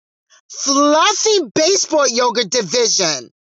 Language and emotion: English, disgusted